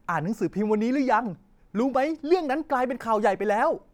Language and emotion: Thai, happy